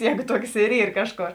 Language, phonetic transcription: Lithuanian, ˈjēgu ˈtuoks ir ˈyr ˈkažˌkor

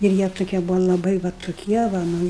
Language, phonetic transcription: Lithuanian, ir ˈjie tuˈkie ˈbuvo laˈbai va tuˈkie va ˈnu

